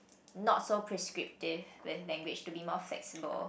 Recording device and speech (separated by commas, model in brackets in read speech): boundary microphone, conversation in the same room